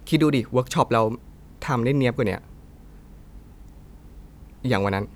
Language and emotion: Thai, frustrated